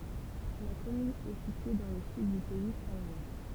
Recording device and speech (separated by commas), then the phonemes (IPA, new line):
temple vibration pickup, read sentence
la kɔmyn ɛ sitye dɑ̃ lə syd dy pɛi sɛ̃ lwa